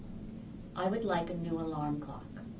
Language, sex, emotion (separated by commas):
English, female, neutral